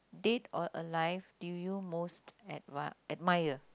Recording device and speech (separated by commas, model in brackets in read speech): close-talking microphone, conversation in the same room